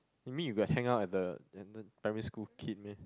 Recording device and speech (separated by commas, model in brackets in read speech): close-talking microphone, conversation in the same room